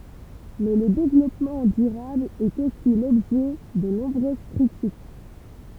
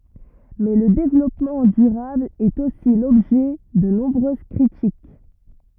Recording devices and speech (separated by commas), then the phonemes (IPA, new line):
temple vibration pickup, rigid in-ear microphone, read sentence
mɛ lə devlɔpmɑ̃ dyʁabl ɛt osi lɔbʒɛ də nɔ̃bʁøz kʁitik